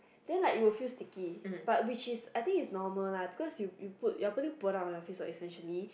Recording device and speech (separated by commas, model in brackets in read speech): boundary microphone, conversation in the same room